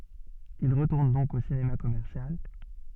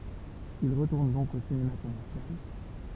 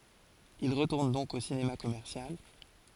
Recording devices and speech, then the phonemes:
soft in-ear microphone, temple vibration pickup, forehead accelerometer, read sentence
il ʁətuʁn dɔ̃k o sinema kɔmɛʁsjal

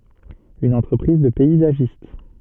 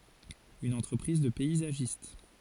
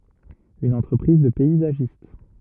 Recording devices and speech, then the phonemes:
soft in-ear microphone, forehead accelerometer, rigid in-ear microphone, read sentence
yn ɑ̃tʁəpʁiz də pɛizaʒist

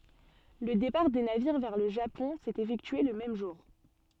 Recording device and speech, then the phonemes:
soft in-ear microphone, read sentence
lə depaʁ de naviʁ vɛʁ lə ʒapɔ̃ sɛt efɛktye lə mɛm ʒuʁ

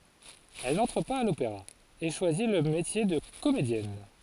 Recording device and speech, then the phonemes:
forehead accelerometer, read sentence
ɛl nɑ̃tʁ paz a lopeʁa e ʃwazi lə metje də komedjɛn

